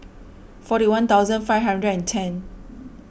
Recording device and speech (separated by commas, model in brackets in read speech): boundary microphone (BM630), read sentence